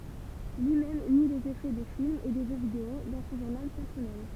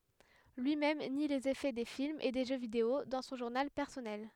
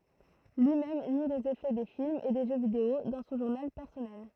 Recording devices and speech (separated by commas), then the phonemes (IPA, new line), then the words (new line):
temple vibration pickup, headset microphone, throat microphone, read sentence
lyi mɛm ni lez efɛ de filmz e de ʒø video dɑ̃ sɔ̃ ʒuʁnal pɛʁsɔnɛl
Lui-même nie les effets des films et des jeux vidéo dans son journal personnel.